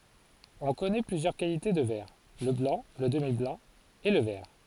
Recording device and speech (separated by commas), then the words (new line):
forehead accelerometer, read sentence
On connaît plusieurs qualités de verre: le blanc, le demi-blanc et le vert.